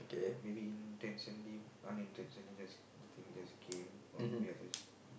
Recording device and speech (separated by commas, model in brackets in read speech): boundary microphone, conversation in the same room